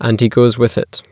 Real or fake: real